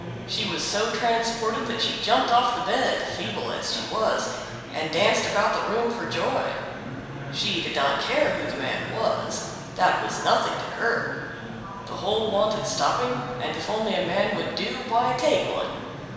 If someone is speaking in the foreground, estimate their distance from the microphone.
1.7 m.